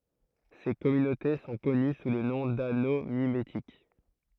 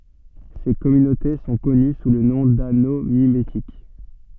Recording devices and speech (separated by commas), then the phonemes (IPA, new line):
throat microphone, soft in-ear microphone, read sentence
se kɔmynote sɔ̃ kɔny su lə nɔ̃ dano mimetik